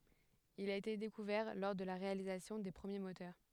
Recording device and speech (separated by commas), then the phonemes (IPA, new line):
headset microphone, read sentence
il a ete dekuvɛʁ lɔʁ də la ʁealizasjɔ̃ de pʁəmje motœʁ